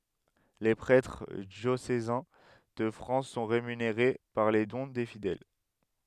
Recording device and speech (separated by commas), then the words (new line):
headset microphone, read sentence
Les prêtres diocésains de France sont rémunérés par les dons des fidèles.